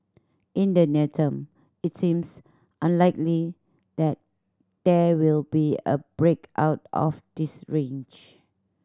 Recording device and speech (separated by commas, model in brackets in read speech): standing microphone (AKG C214), read sentence